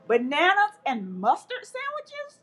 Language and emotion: English, happy